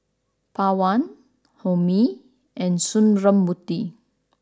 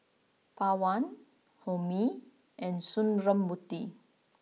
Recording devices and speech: standing microphone (AKG C214), mobile phone (iPhone 6), read sentence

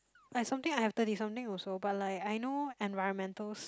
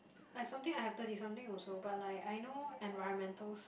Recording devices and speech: close-talking microphone, boundary microphone, conversation in the same room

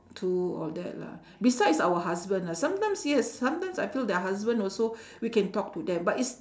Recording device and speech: standing microphone, conversation in separate rooms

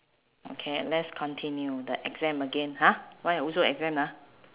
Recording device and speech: telephone, conversation in separate rooms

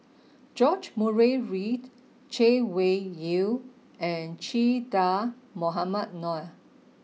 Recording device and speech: mobile phone (iPhone 6), read sentence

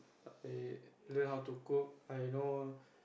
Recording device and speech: boundary microphone, conversation in the same room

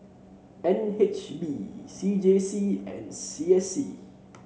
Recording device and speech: mobile phone (Samsung C7), read sentence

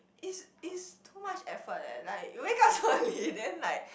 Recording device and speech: boundary microphone, conversation in the same room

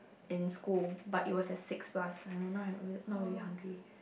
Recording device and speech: boundary microphone, conversation in the same room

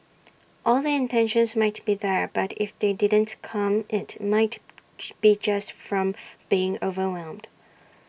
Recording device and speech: boundary microphone (BM630), read sentence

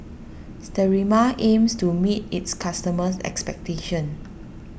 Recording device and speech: boundary microphone (BM630), read sentence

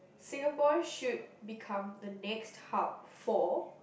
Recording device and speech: boundary microphone, conversation in the same room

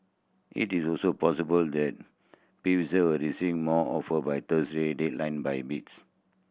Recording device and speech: boundary microphone (BM630), read sentence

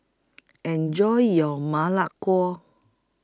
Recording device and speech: close-talking microphone (WH20), read sentence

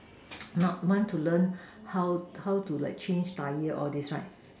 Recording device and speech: standing microphone, conversation in separate rooms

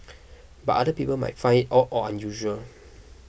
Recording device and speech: boundary microphone (BM630), read sentence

